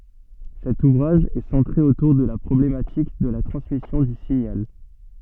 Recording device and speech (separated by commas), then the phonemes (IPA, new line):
soft in-ear microphone, read sentence
sɛt uvʁaʒ ɛ sɑ̃tʁe otuʁ də la pʁɔblematik də la tʁɑ̃smisjɔ̃ dy siɲal